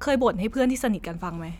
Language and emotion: Thai, neutral